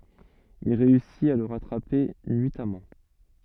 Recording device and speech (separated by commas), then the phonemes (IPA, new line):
soft in-ear microphone, read sentence
il ʁeysit a lə ʁatʁape nyitamɑ̃